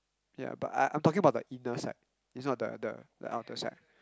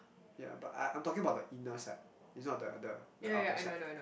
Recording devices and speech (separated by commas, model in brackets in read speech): close-talking microphone, boundary microphone, conversation in the same room